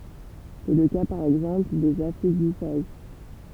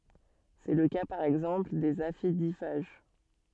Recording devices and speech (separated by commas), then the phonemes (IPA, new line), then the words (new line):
temple vibration pickup, soft in-ear microphone, read sentence
sɛ lə ka paʁ ɛɡzɑ̃pl dez afidifaʒ
C’est le cas par exemple des aphidiphages.